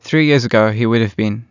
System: none